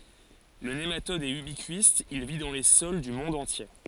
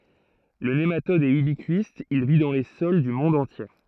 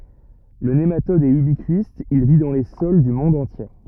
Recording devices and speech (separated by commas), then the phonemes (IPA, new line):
forehead accelerometer, throat microphone, rigid in-ear microphone, read sentence
lə nematɔd ɛt ybikist il vi dɑ̃ le sɔl dy mɔ̃d ɑ̃tje